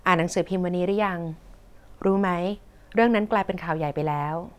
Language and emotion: Thai, neutral